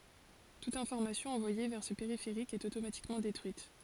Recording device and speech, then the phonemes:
forehead accelerometer, read sentence
tut ɛ̃fɔʁmasjɔ̃ ɑ̃vwaje vɛʁ sə peʁifeʁik ɛt otomatikmɑ̃ detʁyit

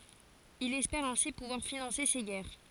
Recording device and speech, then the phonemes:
forehead accelerometer, read sentence
il ɛspɛʁ ɛ̃si puvwaʁ finɑ̃se se ɡɛʁ

